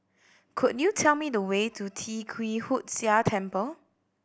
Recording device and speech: boundary microphone (BM630), read sentence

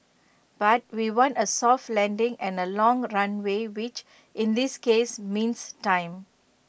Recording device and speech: boundary microphone (BM630), read sentence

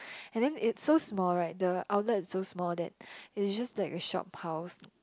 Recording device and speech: close-talking microphone, conversation in the same room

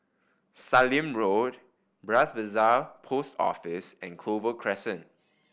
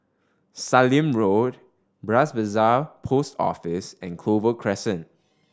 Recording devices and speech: boundary microphone (BM630), standing microphone (AKG C214), read sentence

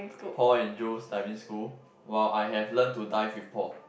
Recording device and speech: boundary microphone, conversation in the same room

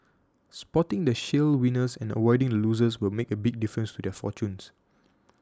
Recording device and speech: standing microphone (AKG C214), read sentence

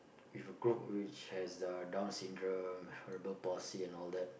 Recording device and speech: boundary microphone, conversation in the same room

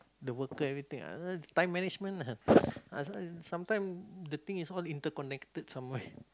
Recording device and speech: close-talking microphone, conversation in the same room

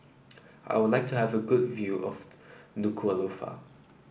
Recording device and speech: boundary microphone (BM630), read sentence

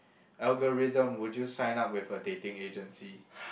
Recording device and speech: boundary microphone, conversation in the same room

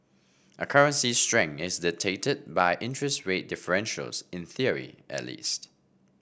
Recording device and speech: boundary microphone (BM630), read sentence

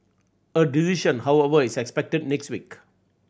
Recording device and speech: boundary microphone (BM630), read sentence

